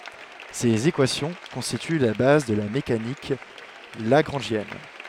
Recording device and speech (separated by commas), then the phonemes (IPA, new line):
headset microphone, read sentence
sez ekwasjɔ̃ kɔ̃stity la baz də la mekanik laɡʁɑ̃ʒjɛn